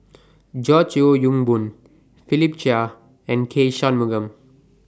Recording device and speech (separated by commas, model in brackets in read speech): standing microphone (AKG C214), read sentence